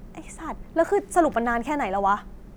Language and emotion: Thai, frustrated